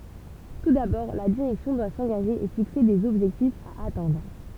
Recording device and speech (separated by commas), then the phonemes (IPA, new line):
temple vibration pickup, read sentence
tu dabɔʁ la diʁɛksjɔ̃ dwa sɑ̃ɡaʒe e fikse dez ɔbʒɛktifz a atɛ̃dʁ